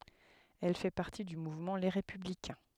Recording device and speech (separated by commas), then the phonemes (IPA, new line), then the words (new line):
headset microphone, read sentence
ɛl fɛ paʁti dy muvmɑ̃ le ʁepyblikɛ̃
Elle fait partie du mouvement Les Républicains.